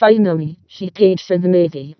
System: VC, vocoder